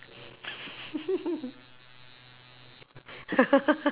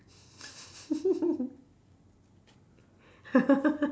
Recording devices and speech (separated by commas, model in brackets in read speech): telephone, standing microphone, conversation in separate rooms